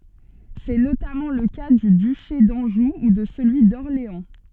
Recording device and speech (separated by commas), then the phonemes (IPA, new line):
soft in-ear microphone, read sentence
sɛ notamɑ̃ lə ka dy dyʃe dɑ̃ʒu u də səlyi dɔʁleɑ̃